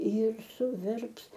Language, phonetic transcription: Lithuanian, jir suˈverps

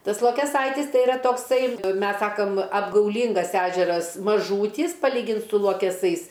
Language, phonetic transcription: Lithuanian, ˈtas lokeˈsaitis ˈtai iˈra tokˈsai ˈmes ˈsakam apgauˈlyngas ˈežeras maˈžūtys paˈlygint su luokeˈsais

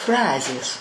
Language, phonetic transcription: Lithuanian, ˈfrazės

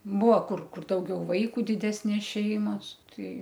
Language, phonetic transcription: Lithuanian, ˈbuo ˈkur ˈkur ˈdaugiau ˈvaiku diˈdesnės ˈšeimas ˈtai

